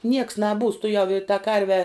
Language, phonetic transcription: Lithuanian, nieks naˈbūs tuˈjau i ta ˈkarve

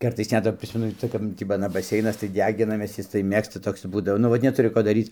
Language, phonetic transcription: Lithuanian, ˈkartais ˈnet va ˈprismenu ˈca kap ˈtį b aˈna baˈseinas tai ˈdeginamės ˈjis tai ˈmėgsta ˈtoks ˈbūdavo nu ˈvat neˈturi ˈko daˈryc

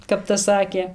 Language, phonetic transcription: Lithuanian, kap tas ˈsakė

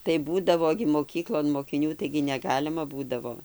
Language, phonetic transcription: Lithuanian, tai ˈbūdavo gi moˈkyklon mokiˈnių taigi neˈgalima ˈbūdavo

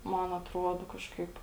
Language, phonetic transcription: Lithuanian, ˈman atˈruodo ˈkažkaip

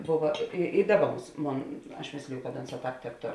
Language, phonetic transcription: Lithuanian, ˈbova i i ˈdaˌba ˈbūs ˈmon aš ˈmėsliju kad ˈonˌsā ˈtāp tebˈtor

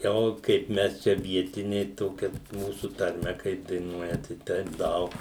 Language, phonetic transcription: Lithuanian, ˈo kaip ˈmes ˈčia ˈvietiniai ˈtokia ˈmūsu tarˈme kaip daiˈnuoja ˈtai ˈteip ˈdaug

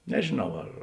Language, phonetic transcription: Lithuanian, nežėˈnau ar

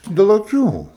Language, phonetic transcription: Lithuanian, del aˈkių

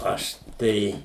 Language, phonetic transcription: Lithuanian, ˈaš ˈtai

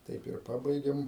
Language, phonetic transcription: Lithuanian, ˈtaip ir ˈpabaigėm

